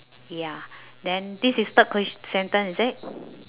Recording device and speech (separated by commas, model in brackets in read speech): telephone, conversation in separate rooms